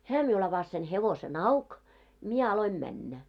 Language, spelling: Finnish, hän minulle avasi sen hevosen auki minä aloin mennä
- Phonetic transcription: 'hää miul ‿avas sen 'hevose'n ‿auk , mie 'aloim 'männä .

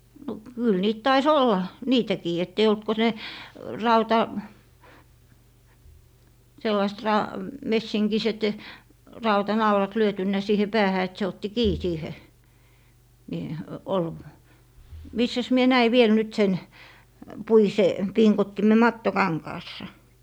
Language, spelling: Finnish, no kyllä niitä taisi olla niitäkin että ei ollut kuin ne - sellaiset - messinkiset rautanaulat lyöty siihen päähän että se otti kiinni siihen niin - missäs minä näin vielä nyt sen puisen pingottimen mattokankaassa
- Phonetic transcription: no 'kyl niit 'tai"s ‿olla , 'niitäkii ett ‿ei olt ko 'ne , "rauta- , 'sellaist 'ra- , 'messiŋkiset , "rauta"naulat 'lyötynnä 'siihe "päähä et se otti "kii 'siihe , ni , ol- , 'missäs 'mie 'näi 'viel nyt sen , 'puise , 'piŋkottime "matto'kaŋkaassa .

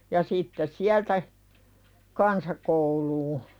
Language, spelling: Finnish, ja sitten sieltä kansakouluun
- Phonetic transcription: ja sittes 'siältä , "kansakouluu .

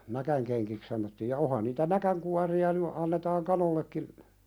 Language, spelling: Finnish, näkinkenkiä sanottiin ja onhan niitä näkinkuoria nyt annetaan kanoillekin
- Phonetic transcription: 'näkäŋkeŋkik sanottiij ja 'ohan niitä "näkäŋkuari₍a ny , annetaaŋ kanollekkin ,.

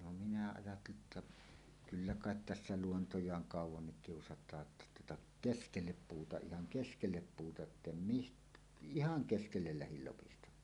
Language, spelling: Finnish, no minä ajattelin että kyllä kai tässä luontojaan kauankin kiusataan jotta tuota keskelle puuta ihan keskelle puuta että en - ihan keskelle lähdin lopistamaan
- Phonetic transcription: no minä ajatteli 'että , "kyllä "kàet 'tässä 'luontoj̀aaŋ "kàuw̆wannik 'kiusat̀aa ‿tta tuota , "keskellep 'puuta "ihaŋ "keskellep 'puuta ettem mist- , "ihaŋ 'keskellel lähil lopistam̆maa .

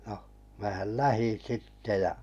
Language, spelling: Finnish, no minähän lähdin sitten ja
- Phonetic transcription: ɴᴏ , määhäl 'lähin̬ 'sitte ja ,.

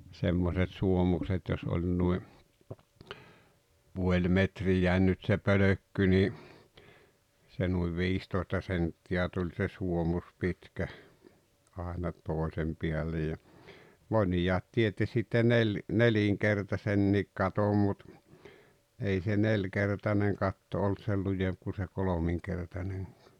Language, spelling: Finnish, semmoiset suomukset jos oli noin puoli metriä nyt se pölkky niin se noin viistoista senttiä tuli se suomus pitkä aina toisen päälle ja monet teetti sitten - nelinkertaisen katon mutta ei se nelinkertainen katto ollut sen lujempi kuin se kolminkertainenkaan
- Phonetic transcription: semmoset 'suomukset jos oĺ nui , 'puoĺ 'metrijä̀en nyt se "pölökky ńi , se nuiv "viistoi̬sta 'sentti₍ä tuĺ se 'suomus 'pitkä , àena , 'tòesem piällej ja , "mońijaat 'tietti sitte 'nel- , "neliŋkertasenniik 'katom mut , ei se "neĺkertaneŋ 'katto olt 'sel 'lujemp ku se 'kolomiŋkertaneŋkᴀᴀ .

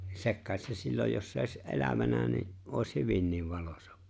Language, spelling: Finnish, sekin kai se silloin jos se olisi elävänä niin olisi hyvinkin valoisa
- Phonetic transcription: 'sek ‿kài̬t se 'silloj jos se òi̬s '’e̬lävänä ni , '’òi̬s 'hyvinniv 'valᴏsᴀ .

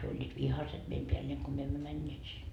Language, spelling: Finnish, he olivat vihaiset meidän päälleen kun me emme menneet sinne
- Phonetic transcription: hyö oĺĺiit "vihaset meim peälleeŋ ko myö emmö 'mäńńeet sin .

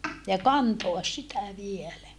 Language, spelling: Finnish, ja kantaa sitä vielä
- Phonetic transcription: ja kantoas sitä vielä .

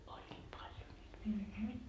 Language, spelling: Finnish, olivat paljon niitä virsiä
- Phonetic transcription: oĺĺiit 'paljo niit virsii .

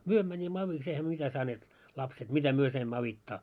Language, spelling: Finnish, me menimme avuksi eihän me mitä saaneet lapset mitä me saimme auttaa
- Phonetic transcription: 'myö mäńimmä 'aviks eihä ᵐʸᵒ̈ mitä saneet , 'lapset , "mitä 'myö saimmaa avitta .

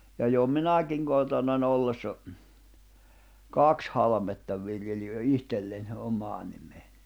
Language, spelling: Finnish, ja jo minäkin kotona ollessa kaksi halmetta viljelin jo itselle omaan nimeen
- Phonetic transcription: ja jo "minä̀kiŋ 'kotòna'n ‿ollessa , "kaks halᵃmetta 'v̀iljeli jo "ihtelleń , om̀aa nimee .

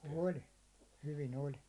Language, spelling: Finnish, oli hyvin oli
- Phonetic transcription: 'oĺ , hyvin ‿oĺ .

